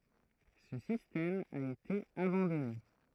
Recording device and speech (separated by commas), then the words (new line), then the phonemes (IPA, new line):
throat microphone, read sentence
Ce système a été abandonné.
sə sistɛm a ete abɑ̃dɔne